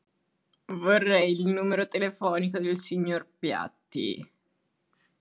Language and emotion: Italian, disgusted